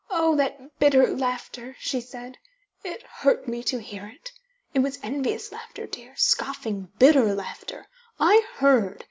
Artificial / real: real